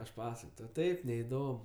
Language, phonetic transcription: Lithuanian, aš ˈpasakoj tau ˈtaip neiˈdom

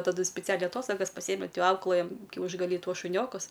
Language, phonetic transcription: Lithuanian, taˈdu spiˈcialiai aˈtostogas paˈsieme ˈauklɘjam kiaušgaˈly ˈtuos šuˈniokus

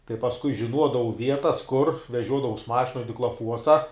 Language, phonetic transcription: Lithuanian, tai pasˈkui žiˈnuodavau ˈvietas kur veˈžiuodavaus ˈmašinoj diklaˈfuosa

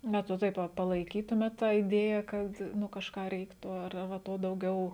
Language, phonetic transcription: Lithuanian, ˈbet va ˈtaip va palaiˈkytumėt ˈtą iˈdėja kad ˈnu kažˈką ˈreiktu ar ar va ˈto dauˈgiau

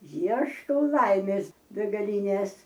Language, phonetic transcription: Lithuanian, ˈieškau ˈlaimės begaˈlynės

